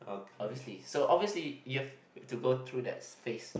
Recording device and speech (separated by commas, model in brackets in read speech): boundary microphone, conversation in the same room